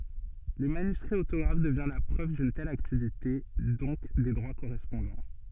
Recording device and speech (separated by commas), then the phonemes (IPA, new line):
soft in-ear microphone, read sentence
lə manyskʁi otoɡʁaf dəvjɛ̃ la pʁøv dyn tɛl aktivite dɔ̃k de dʁwa koʁɛspɔ̃dɑ̃